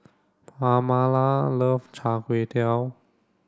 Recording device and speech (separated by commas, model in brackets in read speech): standing microphone (AKG C214), read sentence